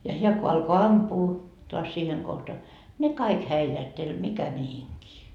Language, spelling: Finnish, ja hän kun alkoi ampua taas siihen kohta ne kaikki häilähteli mikä mihinkin
- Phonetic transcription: ja 'heä ko alko "ampuu , toas siiheŋ kohta , 'ne "kaik 'häilähteĺ "mikä 'mihiŋkii .

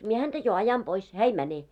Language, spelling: Finnish, minä häntä jo ajan pois hän ei mene
- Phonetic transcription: 'mie häntä jo 'ajan 'pois , 'hää ei 'mäne .

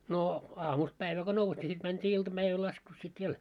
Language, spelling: Finnish, no aamusta päivää kun nousi niin sitten mentiin iltapäivällä laskussa sitten vielä
- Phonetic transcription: noo 'aamust päivä ko 'nous ńi sit mänt́ii 'iltaʙäiväl laskus sit 'viel .

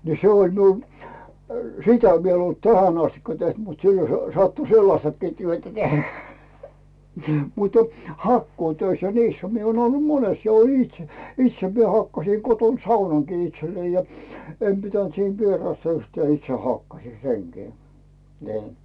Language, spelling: Finnish, niin se oli minulla sitä vielä en ollut tähän asti tehnyt mutta silloin se sattui sellaistakin työtä tehdä mutta hakkuutöissä ja niissähän minä olen ollut monessa ja olin itse itse minä hakkasin kotona saunankin itselleni ja en pitänyt siinä vierasta yhtään itse hakkasin senkin niin
- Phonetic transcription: ni 'se oĺ miul , "sitä viel ‿en ‿olt 'tähän ‿astikka 'teht mut 'sillo sᴇ , sattu "sellastakkii 'työtä 'tehᴀ̈ , mutə , "hakkuutöis ja "niishä mie ‿oon ollu 'mones ja oĺin itse , 'itse mie hakkasì koton "saunaŋkii 'itsellei ja , 'em pitänt siin "vierasta yhtää itse hakkasì "seŋkii , ni̬i̬ .

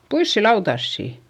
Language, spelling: Finnish, puisia lautasia
- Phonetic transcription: puissi lautassi !

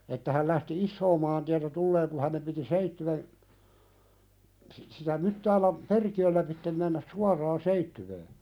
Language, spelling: Finnish, että hän lähti isoa maantietä tulemaan kun hänen piti Seitsiön - sitä Myttäälän perkiöllä läpi mennä suoraan Seitsiöön
- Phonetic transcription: että häl lähti "issoo mäntiätä 'tulleeŋ ku ha̳nem piti 'Seittywen , si- sitä 'Myttäläm , "perki₍öl läpittem mennäs "suar̀aa 'Seittywee .

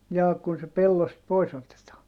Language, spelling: Finnish, jaa kun se pellosta pois otetaan
- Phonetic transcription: jaa kun se pellost pois otetaa ?

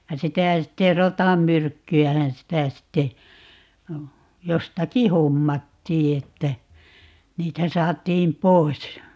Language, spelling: Finnish, ja sitä sitten rotanmyrkkyähän sitä sitten jostakin hommattiin että niitä saatiin pois
- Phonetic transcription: ja "sitä̀ 'sitte "rotammyrkky₍ähän 'sitä 'sitte , 'jostaki "hommattii että , 'niitä 'saat̀iim "pois .

